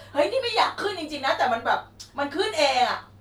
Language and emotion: Thai, angry